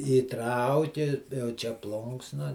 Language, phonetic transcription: Lithuanian, įˈtrauki jau ˈčia ˈplunksna

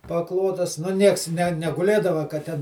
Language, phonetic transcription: Lithuanian, paˈklotas nu ˈnieks ne neguˈlėdava ka ˈten

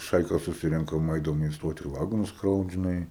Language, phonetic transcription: Lithuanian, ˈšaika suˈsirenkam ˈaidavom in ˈstoti ir ˈvagonus ˈkraut žiˈnai

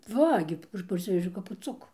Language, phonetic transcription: Lithuanian, ˈva gi ˈaš parˈsivežiau kap puˈcukų

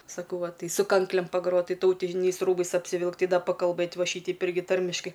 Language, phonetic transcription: Lithuanian, saˈkau ˈva ˈtai su ˈkanklėm paˈgrot ˈtai tauˈtiniais ˈrūbais apsiˈvilkt ˈtai ˈda pakalˈbɘt ˈva ˈšyteip ˈirgi ˈtarmiškai

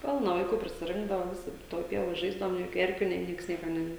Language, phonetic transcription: Lithuanian, ˈpilna vaiˈkų prisiˈrinkdava ˈvisi ˈtoj ˈpievoj ˈžaisdavom nė ˈjokiu ˈerkiu nė ˈnieks ˈnieka ne

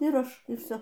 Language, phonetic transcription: Lithuanian, ir ˈaš ir ˈvsio

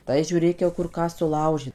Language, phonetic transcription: Lithuanian, tai žiūˈrėk jau ˈkur ˈką suˈlaužė

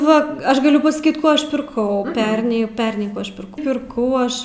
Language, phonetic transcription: Lithuanian, ˈva ˈaš gaˈliu pasaˈkyt ˈko ˈaš pirˈkau ˈperniai ˈperniai ˈkų aš pirˈkau ˈpirkau ˈaš

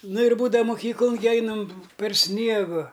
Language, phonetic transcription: Lithuanian, ˈnu ir ˈbūdava ˈmukyklun gi ˈeinam per ˈsniegu

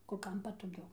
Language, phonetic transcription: Lithuanian, kur ˈkam patoˈgiau

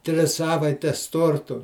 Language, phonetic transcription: Lithuanian, ˈtris ˈsavaites ˈtortu

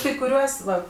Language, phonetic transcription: Lithuanian, kai kuˈriuos ˈva

